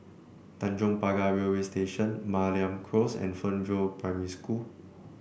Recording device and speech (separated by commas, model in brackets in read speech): boundary microphone (BM630), read sentence